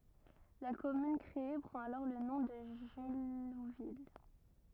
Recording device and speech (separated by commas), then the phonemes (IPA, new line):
rigid in-ear microphone, read sentence
la kɔmyn kʁee pʁɑ̃t alɔʁ lə nɔ̃ də ʒyluvil